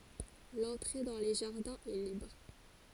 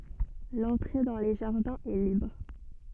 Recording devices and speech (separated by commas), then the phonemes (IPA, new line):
forehead accelerometer, soft in-ear microphone, read sentence
lɑ̃tʁe dɑ̃ le ʒaʁdɛ̃z ɛ libʁ